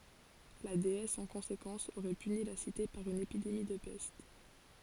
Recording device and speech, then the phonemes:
forehead accelerometer, read sentence
la deɛs ɑ̃ kɔ̃sekɑ̃s oʁɛ pyni la site paʁ yn epidemi də pɛst

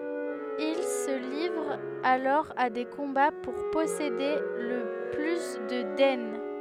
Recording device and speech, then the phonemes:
headset microphone, read sentence
il sə livʁt alɔʁ a de kɔ̃ba puʁ pɔsede lə ply də dɛn

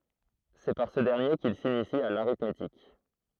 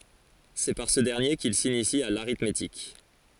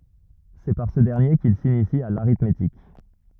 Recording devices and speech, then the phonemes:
throat microphone, forehead accelerometer, rigid in-ear microphone, read sentence
sɛ paʁ sə dɛʁnje kil sinisi a l aʁitmetik

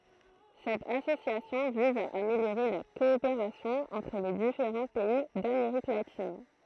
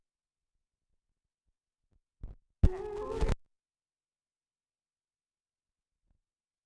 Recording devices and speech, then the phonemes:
throat microphone, rigid in-ear microphone, read sentence
sɛt asosjasjɔ̃ viz a ameljoʁe la kɔopeʁasjɔ̃ ɑ̃tʁ le difeʁɑ̃ pɛi dameʁik latin

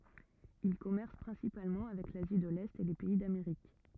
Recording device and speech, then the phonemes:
rigid in-ear microphone, read sentence
il kɔmɛʁs pʁɛ̃sipalmɑ̃ avɛk lazi də lɛt e le pɛi dameʁik

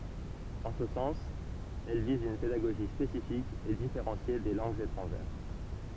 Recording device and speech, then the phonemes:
temple vibration pickup, read sentence
ɑ̃ sə sɑ̃s ɛl viz yn pedaɡoʒi spesifik e difeʁɑ̃sje de lɑ̃ɡz etʁɑ̃ʒɛʁ

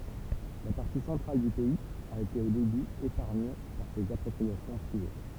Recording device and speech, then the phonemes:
temple vibration pickup, read sentence
la paʁti sɑ̃tʁal dy pɛiz a ete o deby epaʁɲe paʁ sez apʁɔpʁiasjɔ̃ pʁive

